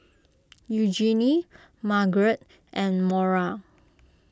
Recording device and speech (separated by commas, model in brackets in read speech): close-talking microphone (WH20), read sentence